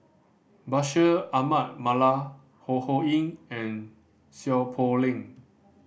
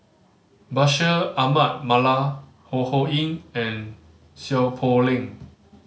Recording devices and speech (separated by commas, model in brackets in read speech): boundary microphone (BM630), mobile phone (Samsung C5010), read sentence